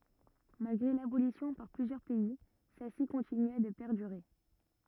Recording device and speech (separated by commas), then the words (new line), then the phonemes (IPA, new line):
rigid in-ear microphone, read sentence
Malgré l’abolition par plusieurs pays, celle-ci continua de perdurer.
malɡʁe labolisjɔ̃ paʁ plyzjœʁ pɛi sɛlsi kɔ̃tinya də pɛʁdyʁe